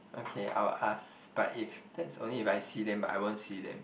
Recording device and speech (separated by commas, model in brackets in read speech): boundary microphone, conversation in the same room